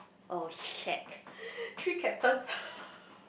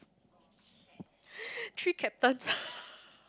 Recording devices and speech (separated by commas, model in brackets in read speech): boundary microphone, close-talking microphone, conversation in the same room